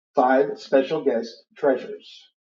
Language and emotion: English, neutral